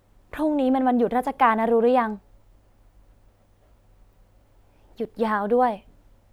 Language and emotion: Thai, neutral